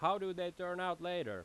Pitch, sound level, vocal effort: 180 Hz, 95 dB SPL, very loud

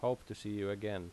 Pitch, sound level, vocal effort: 105 Hz, 84 dB SPL, normal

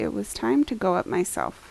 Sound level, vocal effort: 78 dB SPL, soft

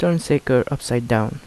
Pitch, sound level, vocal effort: 130 Hz, 78 dB SPL, soft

